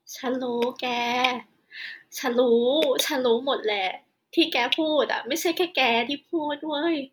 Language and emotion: Thai, sad